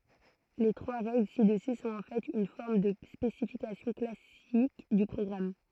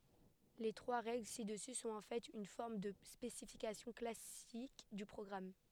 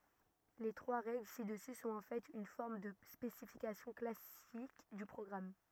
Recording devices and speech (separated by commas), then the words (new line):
throat microphone, headset microphone, rigid in-ear microphone, read sentence
Les trois règles ci-dessus sont en fait une forme de spécification classique du programme.